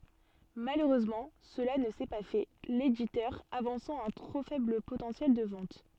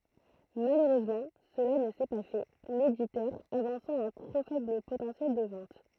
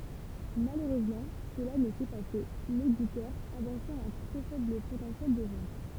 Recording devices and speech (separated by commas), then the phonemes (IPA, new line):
soft in-ear microphone, throat microphone, temple vibration pickup, read sentence
maløʁøzmɑ̃ səla nə sɛ pa fɛ leditœʁ avɑ̃sɑ̃ œ̃ tʁo fɛbl potɑ̃sjɛl də vɑ̃t